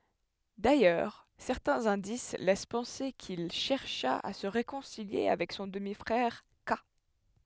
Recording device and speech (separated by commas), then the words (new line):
headset microphone, read sentence
D'ailleurs, certains indices laissent penser qu'il chercha à se réconcilier avec son demi-frère, Qâ.